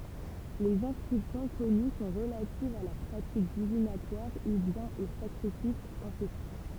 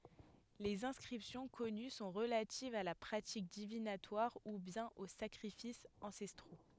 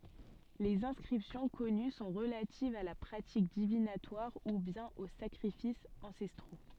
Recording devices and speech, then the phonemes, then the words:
temple vibration pickup, headset microphone, soft in-ear microphone, read sentence
lez ɛ̃skʁipsjɔ̃ kɔny sɔ̃ ʁəlativz a la pʁatik divinatwaʁ u bjɛ̃n o sakʁifisz ɑ̃sɛstʁo
Les inscriptions connues sont relatives à la pratique divinatoire ou bien aux sacrifices ancestraux.

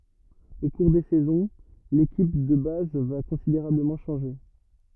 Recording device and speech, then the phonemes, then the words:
rigid in-ear microphone, read sentence
o kuʁ de sɛzɔ̃ lekip də baz va kɔ̃sideʁabləmɑ̃ ʃɑ̃ʒe
Au cours des saisons, l'équipe de base va considérablement changer.

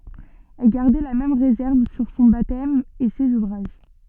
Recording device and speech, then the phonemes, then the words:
soft in-ear microphone, read sentence
ɛl ɡaʁdɛ la mɛm ʁezɛʁv syʁ sɔ̃ batɛm e sez uvʁaʒ
Elle gardait la même réserve sur son baptême et ses ouvrages.

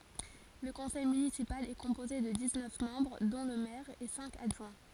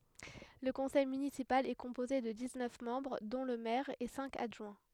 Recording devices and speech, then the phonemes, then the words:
forehead accelerometer, headset microphone, read sentence
lə kɔ̃sɛj mynisipal ɛ kɔ̃poze də diz nœf mɑ̃bʁ dɔ̃ lə mɛʁ e sɛ̃k adʒwɛ̃
Le conseil municipal est composé de dix-neuf membres dont le maire et cinq adjoints.

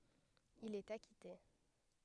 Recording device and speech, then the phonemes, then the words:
headset microphone, read sentence
il ɛt akite
Il est acquitté.

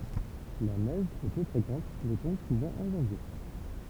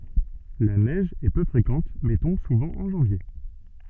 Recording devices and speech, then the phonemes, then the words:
temple vibration pickup, soft in-ear microphone, read sentence
la nɛʒ ɛ pø fʁekɑ̃t mɛ tɔ̃b suvɑ̃ ɑ̃ ʒɑ̃vje
La neige est peu fréquente mais tombe souvent en janvier.

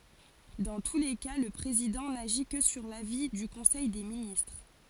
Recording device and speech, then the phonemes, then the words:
forehead accelerometer, read sentence
dɑ̃ tu le ka lə pʁezidɑ̃ naʒi kə syʁ lavi dy kɔ̃sɛj de ministʁ
Dans tous les cas, le président n'agit que sur l'avis du conseil des ministres.

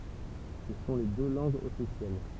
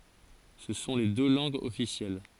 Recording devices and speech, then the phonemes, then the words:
temple vibration pickup, forehead accelerometer, read sentence
sə sɔ̃ le dø lɑ̃ɡz ɔfisjɛl
Ce sont les deux langues officielles.

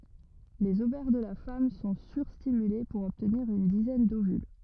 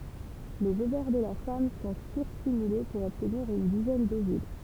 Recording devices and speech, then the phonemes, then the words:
rigid in-ear microphone, temple vibration pickup, read sentence
lez ovɛʁ də la fam sɔ̃ syʁstimyle puʁ ɔbtniʁ yn dizɛn dovyl
Les ovaires de la femme sont sur-stimulés pour obtenir une dizaine d'ovules.

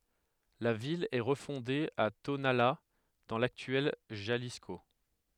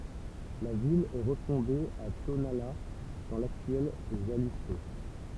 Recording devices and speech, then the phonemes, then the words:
headset microphone, temple vibration pickup, read sentence
la vil ɛ ʁəfɔ̃de a tonala dɑ̃ laktyɛl ʒalisko
La ville est refondée à Tonalá dans l'actuel Jalisco.

